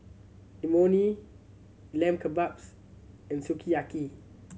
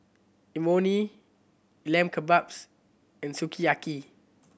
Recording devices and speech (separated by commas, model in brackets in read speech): mobile phone (Samsung C7100), boundary microphone (BM630), read sentence